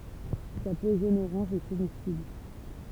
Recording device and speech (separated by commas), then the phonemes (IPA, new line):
temple vibration pickup, read sentence
sa po ʒonəoʁɑ̃ʒ ɛ komɛstibl